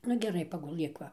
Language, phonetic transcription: Lithuanian, ˈnu geˈrai paguˈlɘk ˈva

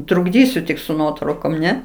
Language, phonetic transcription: Lithuanian, trukˈdysiu tik su ˈnuotraukom ˈne

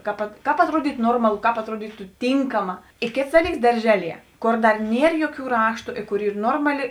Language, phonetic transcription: Lithuanian, ˈkap ˈkāp atˈruodytu ˈnormalu ˈkāp atˈruodytu ˈtynkama i ˈkėts ˈdaˌlyks darˈžeˌlie ˈkor ˈdar ˈnier ˈjoˌkių ˈraštu i ˈkur ˈyr ˈnormaˌli

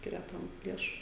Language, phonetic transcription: Lithuanian, ˈskiria ˈtam ˈliešu

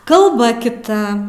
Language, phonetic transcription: Lithuanian, kalˈba kiˈta

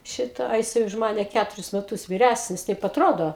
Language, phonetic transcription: Lithuanian, ˈšitą a jiˈsai už ˈmane ˈkæturis meˈtus viˈræsnis ˈtaip atˈrodo

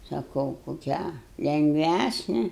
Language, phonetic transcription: Lithuanian, saˈkau koˈkią lengˈvæsne

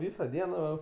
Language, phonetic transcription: Lithuanian, ˈvysa ˈdiena va

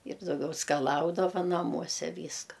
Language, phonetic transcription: Lithuanian, ir dauˈgiau skaˈlaudava naˈmuose ˈvyska

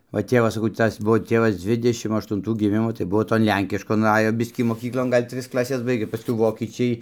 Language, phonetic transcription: Lithuanian, va ˈtėvas saˈkau ˈtas ˈbuvo ˈtėvas ˈdzvidešim aštunˈtų giˈmimo tai ˈbuo ton ˈlenkiškon ˈajo ˈbiskį moˈkyklon ˈgal' ˈtris klaˈses ˈbaigė paˈskui ˈvokyčiai

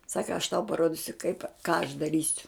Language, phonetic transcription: Lithuanian, ˈsaka aš tau paˈrodisiu kaip ką aš daˈrysiu

